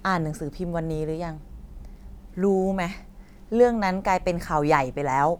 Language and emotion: Thai, frustrated